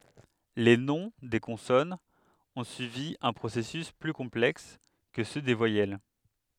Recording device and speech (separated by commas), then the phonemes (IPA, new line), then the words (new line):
headset microphone, read sentence
le nɔ̃ de kɔ̃sɔnz ɔ̃ syivi œ̃ pʁosɛsys ply kɔ̃plɛks kə sø de vwajɛl
Les noms des consonnes ont suivi un processus plus complexe que ceux des voyelles.